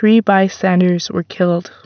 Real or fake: real